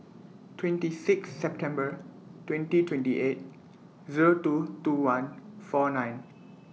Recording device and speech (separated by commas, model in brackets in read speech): mobile phone (iPhone 6), read sentence